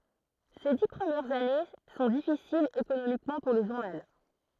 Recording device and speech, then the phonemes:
throat microphone, read sentence
se di pʁəmjɛʁz ane sɔ̃ difisilz ekonomikmɑ̃ puʁ lə ʒuʁnal

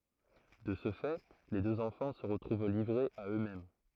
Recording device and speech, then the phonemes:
throat microphone, read sentence
də sə fɛ le døz ɑ̃fɑ̃ sə ʁətʁuv livʁez a ø mɛm

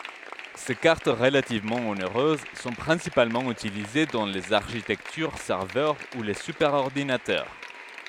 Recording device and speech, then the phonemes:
headset microphone, read sentence
se kaʁt ʁəlativmɑ̃ oneʁøz sɔ̃ pʁɛ̃sipalmɑ̃ ytilize dɑ̃ lez aʁʃitɛktyʁ sɛʁvœʁ u le sypɛʁɔʁdinatœʁ

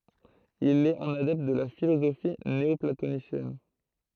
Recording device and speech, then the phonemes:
throat microphone, read sentence
il ɛt œ̃n adɛpt də la filozofi neɔplatonisjɛn

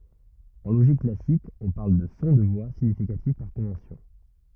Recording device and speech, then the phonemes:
rigid in-ear microphone, read sentence
ɑ̃ loʒik klasik ɔ̃ paʁl də sɔ̃ də vwa siɲifikatif paʁ kɔ̃vɑ̃sjɔ̃

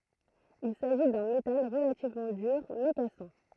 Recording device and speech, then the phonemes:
throat microphone, read sentence
il saʒi dœ̃ metal ʁəlativmɑ̃ dyʁ mɛ kasɑ̃

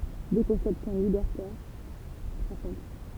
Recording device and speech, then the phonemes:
temple vibration pickup, read sentence
dø kɔ̃sɛpsjɔ̃ libɛʁtɛʁ safʁɔ̃t

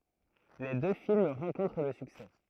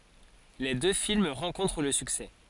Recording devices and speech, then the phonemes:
throat microphone, forehead accelerometer, read sentence
le dø film ʁɑ̃kɔ̃tʁ lə syksɛ

